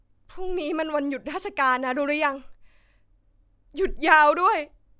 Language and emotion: Thai, sad